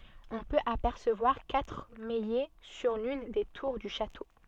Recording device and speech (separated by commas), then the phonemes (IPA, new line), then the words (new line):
soft in-ear microphone, read sentence
ɔ̃ pøt apɛʁsəvwaʁ katʁ majɛ syʁ lyn de tuʁ dy ʃato
On peut apercevoir quatre maillets sur l'une des tours du château.